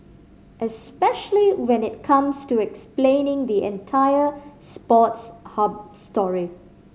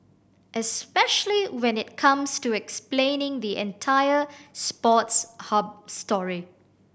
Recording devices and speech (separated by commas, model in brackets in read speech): mobile phone (Samsung C5010), boundary microphone (BM630), read sentence